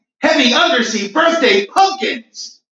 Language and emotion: English, happy